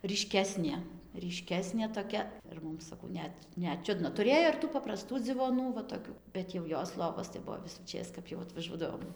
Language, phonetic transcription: Lithuanian, ryˈškesnė ryˈškesnė toˈkia ir ˈmum saˈkau ˈnet ˈnet ˈčiudna tuˈrėjo ir tų papraˈstų dzivoˈnų va toˈkių bet jau ˈjos ˈlovos tai ˈbuvo visųˈčės kap jau atvaˈžuodavom

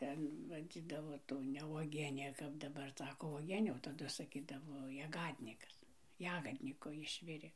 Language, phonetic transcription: Lithuanian, ˈten vaˈdzydavo ˈtų ne vuoˈgienė kap daˈbar ˈsako vuoˈgienė o taˈdu saˈkydavo jaˈgadnikas ˈjagadniko ˈišvirė

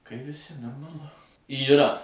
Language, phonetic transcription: Lithuanian, kai viˈsi normaˈlu yˈra

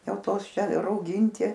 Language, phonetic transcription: Lithuanian, ˈjau ˈtos ˈčia rauˈgyinti

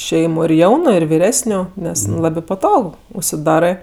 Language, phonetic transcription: Lithuanian, ˈšeimu ir ˈjaunu ir viˈresniu ˈnes ˈlabi paˈtog užsiˈdarɜ

